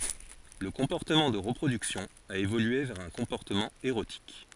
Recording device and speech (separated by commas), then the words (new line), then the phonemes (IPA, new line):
forehead accelerometer, read sentence
Le comportement de reproduction a évolué vers un comportement érotique.
lə kɔ̃pɔʁtəmɑ̃ də ʁəpʁodyksjɔ̃ a evolye vɛʁ œ̃ kɔ̃pɔʁtəmɑ̃ eʁotik